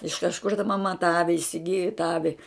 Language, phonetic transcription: Lithuanian, iš kažˈkur ta maˈma tą ˈavi isiˈgiju tą ˈavi

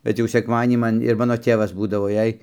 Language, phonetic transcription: Lithuanian, bet ˈjau sekˈmadienį ˈman ir ˈmano ˈtėvas ˈbūdavo ˈjei

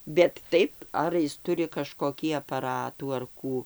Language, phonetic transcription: Lithuanian, bet ˈtaip ˈar jis ˈturi kažkoˈkį apaˈratų ar ˈkų

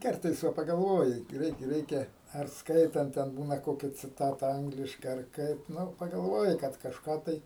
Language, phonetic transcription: Lithuanian, ˈkartais ˈva pagalˈvoji ˈgreit ˈreikia ar ˈskaitant ˈten ˈbūna ˈkokia ciˈtata ˈangliškai ar ˈkaip ˈnu pagalˈvoji ˈkad kažˈką tai

